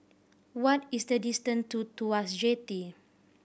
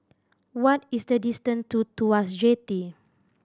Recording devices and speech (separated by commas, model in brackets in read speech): boundary microphone (BM630), standing microphone (AKG C214), read sentence